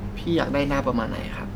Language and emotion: Thai, neutral